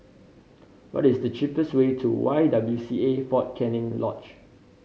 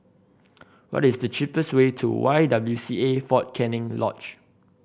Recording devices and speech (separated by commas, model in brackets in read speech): mobile phone (Samsung C5010), boundary microphone (BM630), read sentence